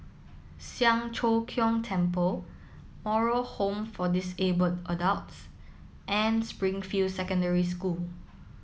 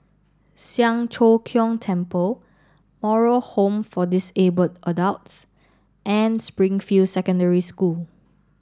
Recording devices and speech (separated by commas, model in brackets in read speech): mobile phone (iPhone 7), standing microphone (AKG C214), read sentence